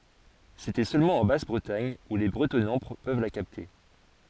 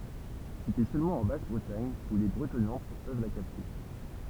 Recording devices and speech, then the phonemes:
forehead accelerometer, temple vibration pickup, read sentence
setɛ sølmɑ̃ ɑ̃ bas bʁətaɲ u le bʁətɔnɑ̃ pøv la kapte

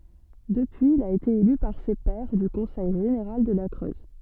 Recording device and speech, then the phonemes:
soft in-ear microphone, read sentence
dəpyiz il a ete ely paʁ se pɛʁ dy kɔ̃sɛj ʒeneʁal də la kʁøz

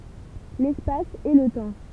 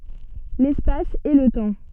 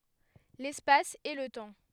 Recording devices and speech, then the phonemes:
temple vibration pickup, soft in-ear microphone, headset microphone, read sentence
lɛspas e lə tɑ̃

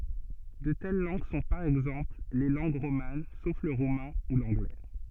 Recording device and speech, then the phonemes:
soft in-ear microphone, read sentence
də tɛl lɑ̃ɡ sɔ̃ paʁ ɛɡzɑ̃pl le lɑ̃ɡ ʁoman sof lə ʁumɛ̃ u lɑ̃ɡlɛ

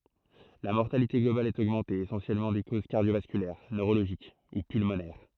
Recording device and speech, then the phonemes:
throat microphone, read sentence
la mɔʁtalite ɡlobal ɛt oɡmɑ̃te esɑ̃sjɛlmɑ̃ də koz kaʁdjovaskylɛʁ nøʁoloʒik u pylmonɛʁ

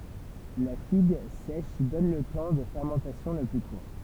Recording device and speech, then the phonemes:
temple vibration pickup, read sentence
la fiɡ sɛʃ dɔn lə tɑ̃ də fɛʁmɑ̃tasjɔ̃ lə ply kuʁ

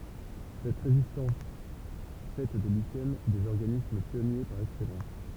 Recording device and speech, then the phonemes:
temple vibration pickup, read sentence
sɛt ʁezistɑ̃s fɛ de liʃɛn dez ɔʁɡanism pjɔnje paʁ ɛksɛlɑ̃s

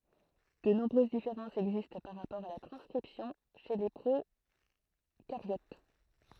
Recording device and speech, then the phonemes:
throat microphone, read sentence
də nɔ̃bʁøz difeʁɑ̃sz ɛɡzist paʁ ʁapɔʁ a la tʁɑ̃skʁipsjɔ̃ ʃe le pʁokaʁjot

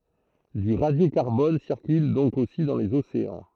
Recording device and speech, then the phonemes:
throat microphone, read sentence
dy ʁadjokaʁbɔn siʁkyl dɔ̃k osi dɑ̃ lez oseɑ̃

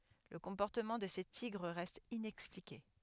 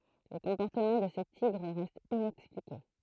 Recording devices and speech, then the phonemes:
headset microphone, throat microphone, read sentence
lə kɔ̃pɔʁtəmɑ̃ də se tiɡʁ ʁɛst inɛksplike

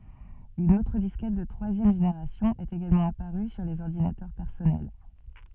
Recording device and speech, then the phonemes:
soft in-ear microphone, read sentence
yn otʁ diskɛt də tʁwazjɛm ʒeneʁasjɔ̃ ɛt eɡalmɑ̃ apaʁy syʁ lez ɔʁdinatœʁ pɛʁsɔnɛl

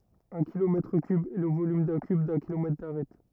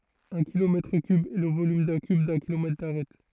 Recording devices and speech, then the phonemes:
rigid in-ear microphone, throat microphone, read sentence
œ̃ kilomɛtʁ kyb ɛ lə volym dœ̃ kyb dœ̃ kilomɛtʁ daʁɛt

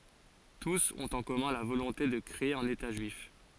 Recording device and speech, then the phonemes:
forehead accelerometer, read sentence
tus ɔ̃t ɑ̃ kɔmœ̃ la volɔ̃te də kʁee œ̃n eta ʒyif

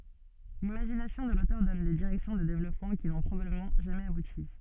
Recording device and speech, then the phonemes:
soft in-ear microphone, read sentence
limaʒinasjɔ̃ də lotœʁ dɔn de diʁɛksjɔ̃ də devlɔpmɑ̃ ki nɔ̃ pʁobabləmɑ̃ ʒamɛz abuti

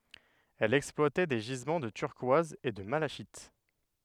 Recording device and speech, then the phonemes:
headset microphone, read sentence
ɛl ɛksplwatɛ de ʒizmɑ̃ də tyʁkwaz e də malaʃit

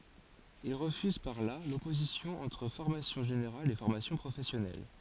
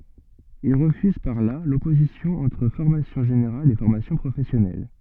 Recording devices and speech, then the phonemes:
forehead accelerometer, soft in-ear microphone, read sentence
il ʁəfyz paʁ la lɔpozisjɔ̃ ɑ̃tʁ fɔʁmasjɔ̃ ʒeneʁal e fɔʁmasjɔ̃ pʁofɛsjɔnɛl

